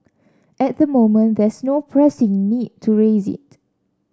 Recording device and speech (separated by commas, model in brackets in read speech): standing microphone (AKG C214), read sentence